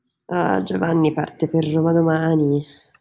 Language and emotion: Italian, sad